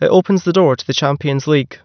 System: none